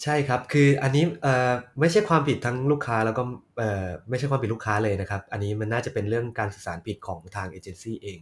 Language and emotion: Thai, sad